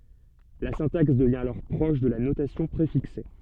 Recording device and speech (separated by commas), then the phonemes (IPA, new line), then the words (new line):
soft in-ear microphone, read sentence
la sɛ̃taks dəvjɛ̃ alɔʁ pʁɔʃ də la notasjɔ̃ pʁefikse
La syntaxe devient alors proche de la notation préfixée.